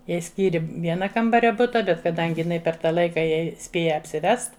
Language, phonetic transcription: Lithuanian, ˈjai ˈskyri ˈviena ˈkambaria ˈbuta ˈbet kaˈdangi per ˈta ˈlaika ˈjai ˈspėja apsiˈvest

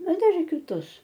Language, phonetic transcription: Lithuanian, ˈna ˈdar ir kiˈtus

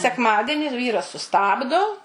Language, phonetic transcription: Lithuanian, sekˈmadeni ˈvyras suˈstabdo

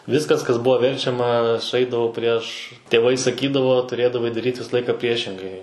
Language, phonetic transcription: Lithuanian, ˈviskas kas ˈbuvo ˈverčiama suˈeidavo prieš tėˈvai saˈkydavo tuˈrėdavai daˈryt' ˈvisa ˈlaika ˈpriešingai

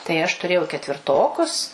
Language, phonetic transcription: Lithuanian, tai aš tuˈrėjau ketvirˈtokus

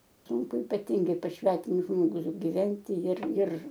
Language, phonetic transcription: Lithuanian, ˈsūnku ypaˈtingai pas ˈsvetimus ˈžmogus giˈventi jir ir

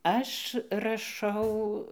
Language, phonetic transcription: Lithuanian, ˈaš raˈšau

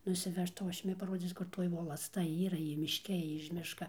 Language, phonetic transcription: Lithuanian, nusiˈvežtau ˈaš ˈjumi paˈrodzyc kur ˈtoj volasˈta ˈyra ˈji mišˈke ˈji iž ˈmiška

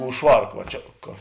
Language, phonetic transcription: Lithuanian, už ˈšvark va ˈčia ka

